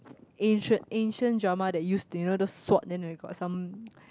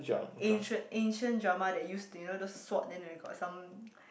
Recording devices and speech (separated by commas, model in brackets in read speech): close-talking microphone, boundary microphone, conversation in the same room